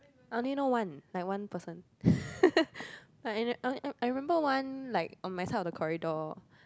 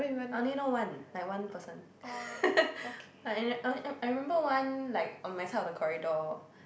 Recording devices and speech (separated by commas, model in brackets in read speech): close-talking microphone, boundary microphone, conversation in the same room